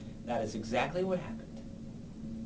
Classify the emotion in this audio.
neutral